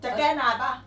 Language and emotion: Thai, angry